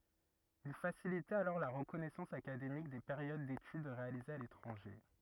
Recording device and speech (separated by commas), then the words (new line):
rigid in-ear microphone, read sentence
Il facilitait alors la reconnaissance académique des périodes d'études réalisées à l'étranger.